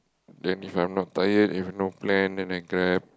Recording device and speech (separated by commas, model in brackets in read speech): close-talking microphone, conversation in the same room